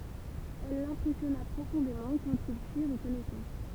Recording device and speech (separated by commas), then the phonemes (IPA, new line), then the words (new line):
temple vibration pickup, read sentence
ɛl lɛ̃pʁɛsjɔna pʁofɔ̃demɑ̃ kɑ̃t il fiʁ kɔnɛsɑ̃s
Elle l’impressionna profondément quand ils firent connaissance.